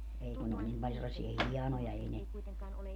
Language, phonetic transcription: Finnish, ei kun ne oĺ 'nim pal sellasia "hianoja 'ei ne ,.
- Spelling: ei kun ne oli niin paljon sellaisia hienoja ei ne

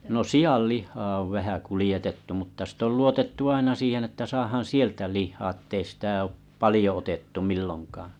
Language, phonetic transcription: Finnish, no "siʲallih̆haa ov 'vähä 'kulⁱjetettu mutta sit ‿ol 'luotettu aina siihen ‿että saahaaa̰ 'sieltä 'lih̆haa ᵉttei sitä oop 'palⁱjo otettu 'millonkaaᵃ̰ .
- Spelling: no sianlihaa on vähän kuljetettu mutta sitten on luotettu aina siihen että saadaan sieltä lihaa että ei sitä ole paljon otettu milloinkaan

